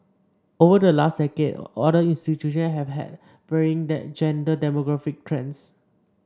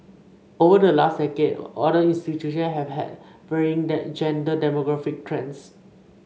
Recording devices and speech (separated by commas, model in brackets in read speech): standing microphone (AKG C214), mobile phone (Samsung C5), read sentence